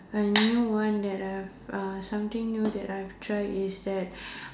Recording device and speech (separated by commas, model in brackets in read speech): standing microphone, conversation in separate rooms